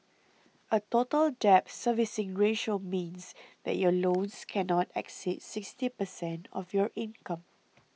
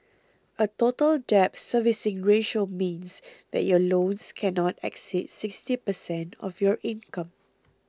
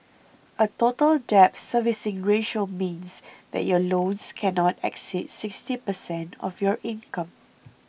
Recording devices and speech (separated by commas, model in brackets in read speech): mobile phone (iPhone 6), close-talking microphone (WH20), boundary microphone (BM630), read sentence